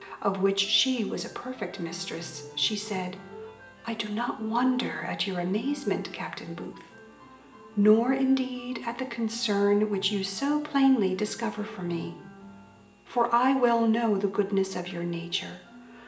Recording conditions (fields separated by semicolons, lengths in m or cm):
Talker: one person; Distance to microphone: 1.8 m; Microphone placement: close; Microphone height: 1.0 m; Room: large; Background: music